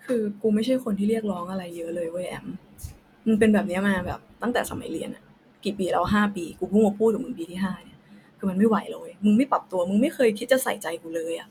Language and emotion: Thai, frustrated